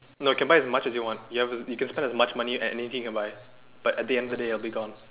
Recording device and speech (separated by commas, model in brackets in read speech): telephone, conversation in separate rooms